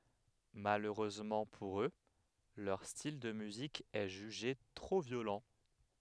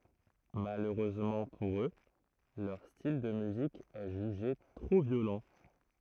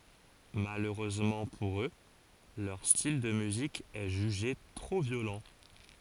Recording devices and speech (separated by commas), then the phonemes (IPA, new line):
headset microphone, throat microphone, forehead accelerometer, read sentence
maløʁøzmɑ̃ puʁ ø lœʁ stil də myzik ɛ ʒyʒe tʁo vjolɑ̃